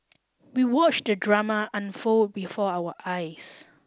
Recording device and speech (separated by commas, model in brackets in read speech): standing microphone (AKG C214), read sentence